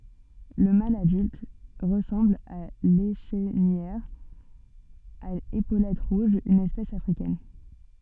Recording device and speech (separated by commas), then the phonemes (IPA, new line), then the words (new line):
soft in-ear microphone, read sentence
lə mal adylt ʁəsɑ̃bl a leʃnijœʁ a epolɛt ʁuʒz yn ɛspɛs afʁikɛn
Le mâle adulte ressemble à l'Échenilleur à épaulettes rouges, une espèce africaine.